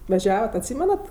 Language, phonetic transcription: Lithuanian, vaˈžiavat atˈsymenat

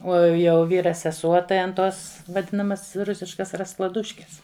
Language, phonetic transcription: Lithuanian, o jau ˈvyra seˈsuo tai an tos vaˈdinamas ˈrusiškas rasklaˈduškes

